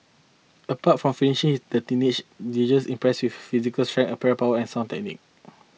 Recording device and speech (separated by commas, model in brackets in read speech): mobile phone (iPhone 6), read sentence